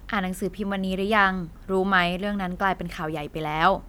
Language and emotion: Thai, neutral